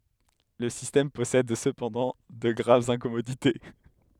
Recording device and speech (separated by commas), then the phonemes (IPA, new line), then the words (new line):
headset microphone, read sentence
lə sistɛm pɔsɛd səpɑ̃dɑ̃ də ɡʁavz ɛ̃kɔmodite
Le système possède cependant de graves incommodités.